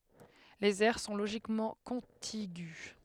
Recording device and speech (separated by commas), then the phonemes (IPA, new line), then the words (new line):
headset microphone, read sentence
lez ɛʁ sɔ̃ loʒikmɑ̃ kɔ̃tiɡy
Les aires sont logiquement contigües.